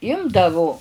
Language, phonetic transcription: Lithuanian, ˈimdavu

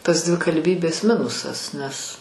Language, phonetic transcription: Lithuanian, tas dvikalˈbybės ˈminusas nes

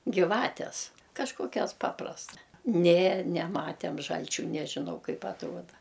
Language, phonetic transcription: Lithuanian, giˈvates kažˈkokias ˈpaprasta nė neˈmatem ˈžalčių ˈnežinau ˈkaip atˈruoda

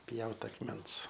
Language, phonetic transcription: Lithuanian, ˈpjaut akˈmens

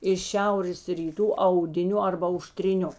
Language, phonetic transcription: Lithuanian, iš ˈšiaurės ryˈtų audiˈniu arba auštriˈniu

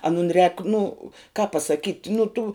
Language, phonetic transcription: Lithuanian, aˈnun rēk nu kāp pasaˈkyt' nu tų

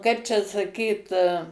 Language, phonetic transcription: Lithuanian, ˈkaip čia saˈkyt

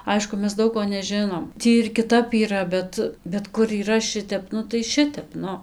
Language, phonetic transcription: Lithuanian, ˈaišku ˈmes ˈdaug ko neˈžinom ˈtį ir kiˈtap yˈra ˈbet bet kur yˈra ˈšitep ˈnu tai ˈšitep ˈnu

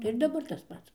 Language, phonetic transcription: Lithuanian, tai ir daˈbar tas ˈpats

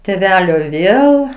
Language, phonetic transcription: Lithuanian, tėˈvelio ˈvėl

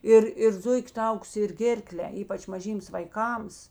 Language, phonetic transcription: Lithuanian, ˈir ir ˈzuik' ˈtaukus ir ˈgėrkle ˈypač maˈžyms vaiˈkams

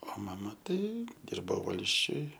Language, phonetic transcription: Lithuanian, o ˈmama ˈtai ˈdirbo ˈvalsčiuj

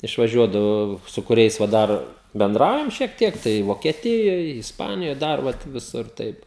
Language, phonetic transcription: Lithuanian, išvaˈžiuodavo su kuˈriais va ˈdar benˈdraujam šiek ˈtiek tai vokieˈtijoj isˈpanijoj ˈdar vat viˈsur ˈtaip

